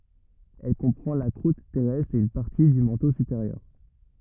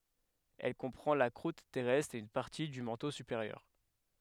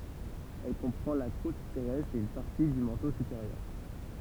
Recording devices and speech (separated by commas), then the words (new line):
rigid in-ear microphone, headset microphone, temple vibration pickup, read sentence
Elle comprend la croûte terrestre et une partie du manteau supérieur.